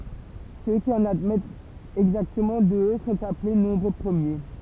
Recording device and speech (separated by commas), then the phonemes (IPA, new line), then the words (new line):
temple vibration pickup, read sentence
sø ki ɑ̃n admɛtt ɛɡzaktəmɑ̃ dø sɔ̃t aple nɔ̃bʁ pʁəmje
Ceux qui en admettent exactement deux sont appelés nombres premiers.